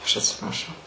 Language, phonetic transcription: Lithuanian, ˈaš atsipraˈšau

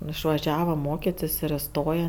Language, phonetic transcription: Lithuanian, išvaˈžiava ˈmokitis ir iˈstoja

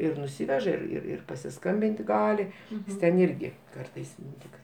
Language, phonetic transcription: Lithuanian, ir nuˈsiveža ir ir ir pasiˈskambinti ˈgali ˈjis ten ˈirgi ˈkartais ˈtik

